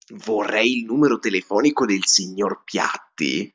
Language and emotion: Italian, surprised